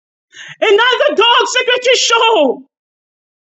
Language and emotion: English, fearful